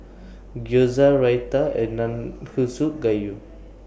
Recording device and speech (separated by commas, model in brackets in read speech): boundary microphone (BM630), read sentence